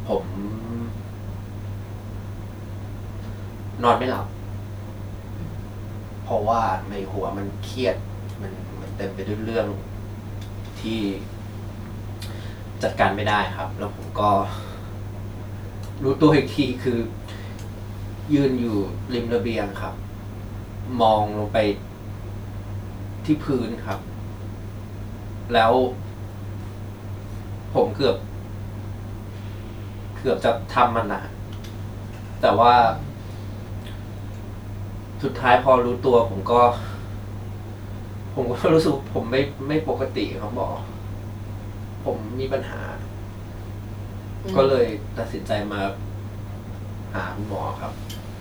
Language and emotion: Thai, frustrated